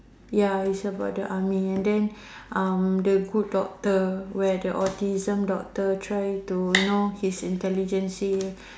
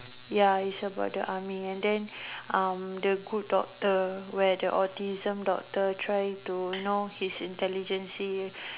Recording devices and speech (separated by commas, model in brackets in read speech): standing microphone, telephone, conversation in separate rooms